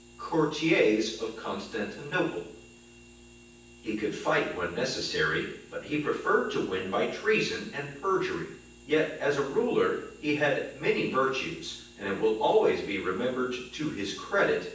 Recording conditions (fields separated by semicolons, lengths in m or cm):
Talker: one person; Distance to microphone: 9.8 m; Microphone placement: far; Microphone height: 1.8 m; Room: large; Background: none